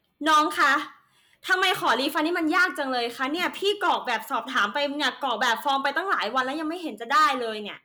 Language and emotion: Thai, angry